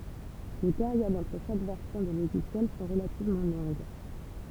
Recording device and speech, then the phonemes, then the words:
temple vibration pickup, read sentence
le peʁjodz ɑ̃tʁ ʃak vɛʁsjɔ̃ də loʒisjɛl sɔ̃ ʁəlativmɑ̃ lɔ̃ɡ
Les périodes entre chaque version de logiciel sont relativement longues.

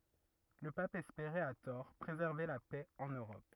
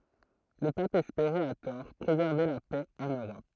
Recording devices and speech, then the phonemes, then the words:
rigid in-ear microphone, throat microphone, read sentence
lə pap ɛspeʁɛt a tɔʁ pʁezɛʁve la pɛ ɑ̃n øʁɔp
Le Pape espérait, à tort, préserver la paix en Europe.

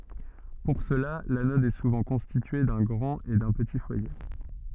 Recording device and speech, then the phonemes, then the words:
soft in-ear microphone, read sentence
puʁ səla lanɔd ɛ suvɑ̃ kɔ̃stitye dœ̃ ɡʁɑ̃t e dœ̃ pəti fwaje
Pour cela, l'anode est souvent constituée d'un grand et d'un petit foyer.

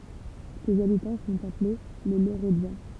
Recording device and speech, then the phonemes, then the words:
temple vibration pickup, read sentence
sez abitɑ̃ sɔ̃t aple le loʁədjɑ̃
Ses habitants sont appelés les Lauredians.

